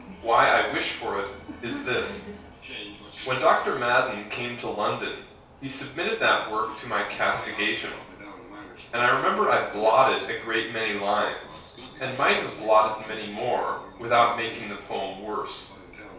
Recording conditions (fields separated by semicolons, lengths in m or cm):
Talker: one person; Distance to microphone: 3.0 m; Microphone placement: far; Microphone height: 1.8 m; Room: small (3.7 m by 2.7 m); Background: television